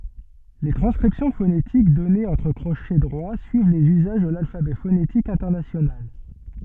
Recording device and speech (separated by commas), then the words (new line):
soft in-ear microphone, read sentence
Les transcriptions phonétiques données entre crochets droits suivent les usages de l'alphabet phonétique international.